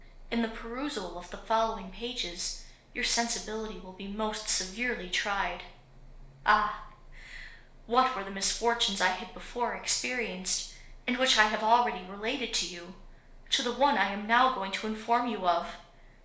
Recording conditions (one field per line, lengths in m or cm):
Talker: one person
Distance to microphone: 1.0 m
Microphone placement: close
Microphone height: 1.1 m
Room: small (3.7 m by 2.7 m)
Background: none